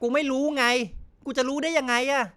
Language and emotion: Thai, angry